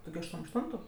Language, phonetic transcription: Lithuanian, ˈtu gi ašˈtuom ašˈtuntu

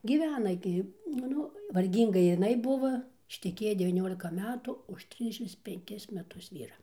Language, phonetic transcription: Lithuanian, gyˈvena gi nu ˈnu varˈgynga jiˈnai ˈbuvo išteˈkėja devyˈniolika ˈmetu už ˈtrisdešims penˈkis meˈtus ˈvyra

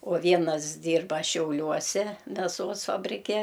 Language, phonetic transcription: Lithuanian, o ˈvienas ˈdyrba šiauˈliuose meˈsos fabriˈke

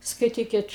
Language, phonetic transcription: Lithuanian, skaiˈtykit

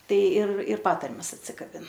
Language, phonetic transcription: Lithuanian, ˈtai ir ir ˈpatarmes atsikaˈbin

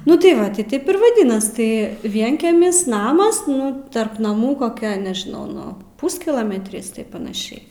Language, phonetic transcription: Lithuanian, ˈnu tai ˈva ˈti ˈtėp ir vaˈdinas ˈtai ˈvienkemis ˈnamas ˈnu ˈtarp naˈmų koˈkia nežiˈnau ˈnu ˈpūskilometris taip panaˈšiai

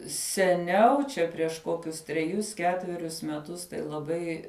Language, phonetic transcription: Lithuanian, seˈniau čia prieš ˈkokius treˈjus ˈketverius meˈtus tai laˈbai

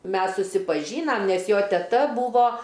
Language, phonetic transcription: Lithuanian, ˈmes susipaˈžynam ˈnes ˈjo teˈta ˈbūvo

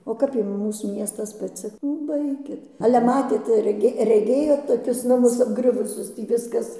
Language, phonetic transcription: Lithuanian, o ˈkap ˈjum ˈmūs ˈmiestas paˈci nu ˈbaikit ale ˈmatėt reˈgė reˈgėjot toˈkius naˈmus apˈgriuvusius ˈtį ˈviskas

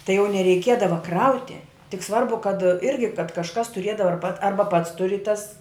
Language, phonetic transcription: Lithuanian, tai jau nereiˈkiedava ˈkrauti tik ˈsvarbu kad ˈirgi kad kažˈkas tuˈriedava ar pat ˈarba pats tuˈri tas

